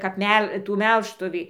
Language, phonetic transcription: Lithuanian, kap ˈmel ˈtų ˈmelžtuvį

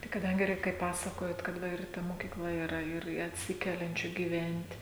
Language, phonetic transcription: Lithuanian, tai kaˈdangi ˈreik kaip ˈpasakojot kad ˈva ir ˈta mokyˈkla yˈra ir i atˈsikeliančių gyˈvent'

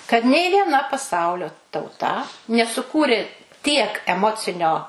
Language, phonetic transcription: Lithuanian, kad nei vieˈna paˈsaulio tauˈta nesuˈkūri tiek eˈmocinio

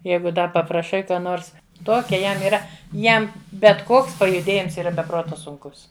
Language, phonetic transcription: Lithuanian, ˈjeigu ˈda papraˈšai ˈką ˈnors ˈtokia ˈjam yˈra ˈjam bet ˈkoks pajuˈdėjims ˈyra be ˈprota sunˈkus

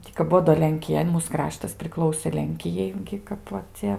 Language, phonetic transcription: Lithuanian, ˈtį kap ˈbuo do lenkiˈja i ˈmūs ˈkraštas priˈklausė ˈlenkijai ˈgi ˈkap va ˈcia

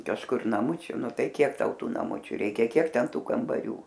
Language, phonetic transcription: Lithuanian, kažˈkur naˈmučiu ˈnu ˈtai ˈkiek ˈtau ˈtų naˈmučiu ˈreikia ˈkiek ˈten ˈtų kambaˈrių

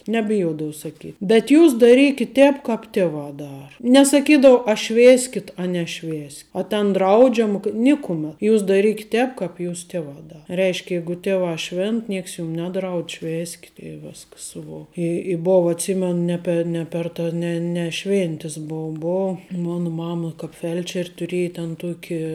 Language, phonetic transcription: Lithuanian, nebiˈjuodau saˈkyt' bet ˈjūs daˈrykit' ˈtēp ˈkāp tieˈva ˈdara nesaˈkydau a ˈšvėskit a neˈšvės' a ˈten ˈdraudžiama k ˈnikumet ˈjūs daˈrykit ˈtēp ˈkāp ˈjūs teˈvā ˈdara ˈreišk ˈjeigu tieˈvā ˈšvėnt ˈnieks jum ˈnedraudž ˈšvėskit i ˈviskas i ˈvo i i ˈbova atˈsymen ˈne pe ˈne per ta ˈne ne ˈšvėntis ˈbou ˈbou ˈmona ˈmama kāp ˈfelčer' tuˈrieja ten ˈtuoki

